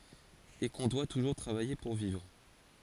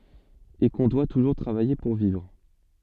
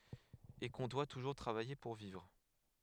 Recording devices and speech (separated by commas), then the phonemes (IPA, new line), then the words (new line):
forehead accelerometer, soft in-ear microphone, headset microphone, read sentence
e kɔ̃ dwa tuʒuʁ tʁavaje puʁ vivʁ
Et qu'on doit toujours travailler pour vivre.